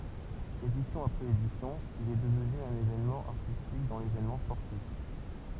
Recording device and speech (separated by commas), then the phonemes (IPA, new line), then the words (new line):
temple vibration pickup, read sentence
edisjɔ̃ apʁɛz edisjɔ̃ il ɛ dəvny œ̃n evenmɑ̃ aʁtistik dɑ̃ levenmɑ̃ spɔʁtif
Édition après édition, il est devenu un événement artistique dans l'événement sportif.